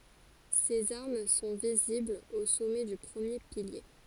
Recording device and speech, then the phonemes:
forehead accelerometer, read sentence
sez aʁm sɔ̃ viziblz o sɔmɛ dy pʁəmje pilje

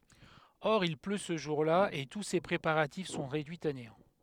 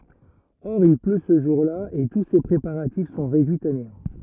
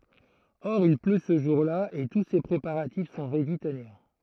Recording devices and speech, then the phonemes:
headset microphone, rigid in-ear microphone, throat microphone, read sentence
ɔʁ il plø sə ʒuʁla e tu se pʁepaʁatif sɔ̃ ʁedyiz a neɑ̃

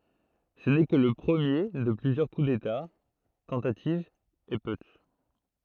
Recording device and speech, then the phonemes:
throat microphone, read sentence
sə nɛ kə lə pʁəmje də plyzjœʁ ku deta tɑ̃tativz e putʃ

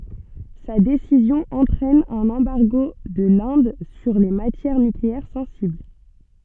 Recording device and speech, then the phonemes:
soft in-ear microphone, read sentence
sa desizjɔ̃ ɑ̃tʁɛn œ̃n ɑ̃baʁɡo də lɛ̃d syʁ le matjɛʁ nykleɛʁ sɑ̃sibl

